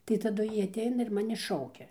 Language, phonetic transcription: Lithuanian, tai taˈdu ˈjy atˈeina ir ˈmani ˈšaukia

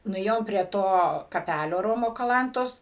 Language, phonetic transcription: Lithuanian, nuˈėjom prie ˈto kaˈpælio ˈromo kaˈlantos

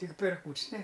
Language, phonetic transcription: Lithuanian, tik per ˈkūč's' ne

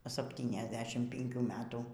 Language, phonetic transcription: Lithuanian, ˌsaptyniasˈdešim pinˈkių ˈmetų

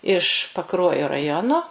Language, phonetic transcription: Lithuanian, iš paˈkruojo raˈjono

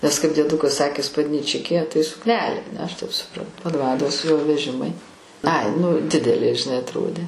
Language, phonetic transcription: Lithuanian, nes kaip dieˈdukas ˈsakė spadnyˈčikė tai sukˈnelė aˈne aš taip suˈprantu paˈdvados jo veˈžimai ai nu ˈdidelė žiˈnai atˈrodė

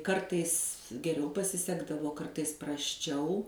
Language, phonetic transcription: Lithuanian, ˈkartais geˈriau pasiˈsekdavo ˈkartais prasˈčiau

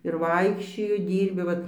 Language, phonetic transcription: Lithuanian, ir ˈvaikščioju ˈdyrbi ˈvat

